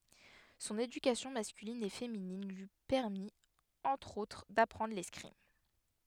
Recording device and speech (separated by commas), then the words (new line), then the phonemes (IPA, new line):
headset microphone, read sentence
Son éducation masculine et féminine lui permit entre autres d'apprendre l'escrime.
sɔ̃n edykasjɔ̃ maskylin e feminin lyi pɛʁmit ɑ̃tʁ otʁ dapʁɑ̃dʁ lɛskʁim